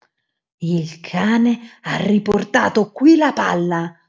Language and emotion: Italian, angry